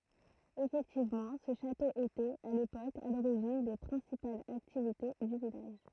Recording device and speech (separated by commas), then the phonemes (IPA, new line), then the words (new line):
throat microphone, read sentence
efɛktivmɑ̃ sə ʃato etɛt a lepok a loʁiʒin de pʁɛ̃sipalz aktivite dy vilaʒ
Effectivement, ce château était, à l'époque, à l'origine des principales activités du village.